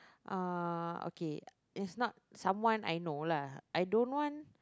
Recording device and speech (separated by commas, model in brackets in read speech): close-talking microphone, conversation in the same room